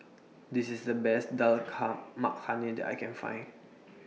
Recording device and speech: mobile phone (iPhone 6), read sentence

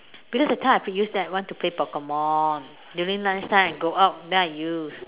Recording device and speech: telephone, conversation in separate rooms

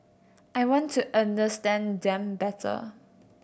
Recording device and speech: boundary microphone (BM630), read sentence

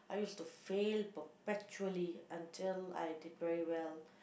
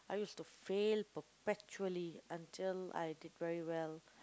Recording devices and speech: boundary microphone, close-talking microphone, conversation in the same room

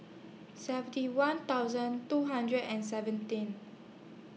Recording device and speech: mobile phone (iPhone 6), read sentence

